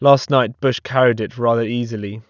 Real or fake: real